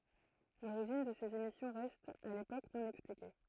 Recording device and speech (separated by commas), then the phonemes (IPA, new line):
throat microphone, read sentence
loʁiʒin də sez emisjɔ̃ ʁɛst a lepok nɔ̃ ɛksplike